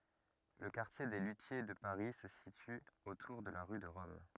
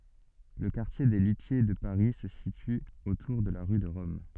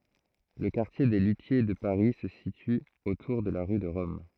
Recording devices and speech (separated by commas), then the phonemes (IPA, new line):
rigid in-ear microphone, soft in-ear microphone, throat microphone, read sentence
lə kaʁtje de lytje də paʁi sə sity otuʁ də la ʁy də ʁɔm